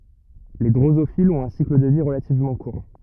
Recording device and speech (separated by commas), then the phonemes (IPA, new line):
rigid in-ear microphone, read sentence
le dʁozofilz ɔ̃t œ̃ sikl də vi ʁəlativmɑ̃ kuʁ